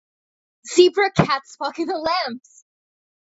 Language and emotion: English, happy